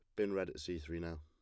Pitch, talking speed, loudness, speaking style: 85 Hz, 355 wpm, -41 LUFS, plain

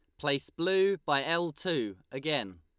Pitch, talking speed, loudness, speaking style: 145 Hz, 150 wpm, -30 LUFS, Lombard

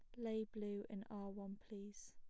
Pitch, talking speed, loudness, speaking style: 205 Hz, 190 wpm, -49 LUFS, plain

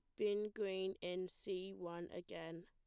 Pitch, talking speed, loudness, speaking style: 190 Hz, 145 wpm, -45 LUFS, plain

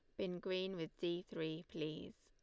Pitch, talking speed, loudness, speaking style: 175 Hz, 180 wpm, -44 LUFS, Lombard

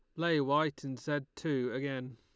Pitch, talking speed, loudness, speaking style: 140 Hz, 185 wpm, -34 LUFS, Lombard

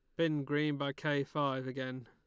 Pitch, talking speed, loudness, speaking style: 140 Hz, 195 wpm, -35 LUFS, Lombard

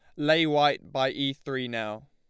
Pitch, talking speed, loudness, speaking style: 140 Hz, 190 wpm, -27 LUFS, Lombard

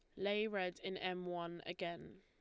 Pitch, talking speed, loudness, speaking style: 180 Hz, 180 wpm, -42 LUFS, Lombard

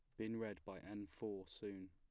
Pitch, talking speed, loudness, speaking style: 105 Hz, 210 wpm, -49 LUFS, plain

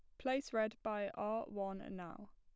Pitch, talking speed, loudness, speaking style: 205 Hz, 165 wpm, -41 LUFS, plain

